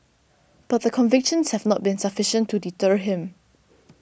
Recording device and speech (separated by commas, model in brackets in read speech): boundary microphone (BM630), read sentence